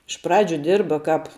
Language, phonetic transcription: Lithuanian, iš ˈpradžiu ˈdirba ˈkāp

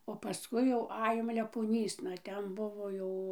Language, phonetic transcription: Lithuanian, o paˈskui jau ˈajom lepoˈnysna ˈten ˈbuvo jau

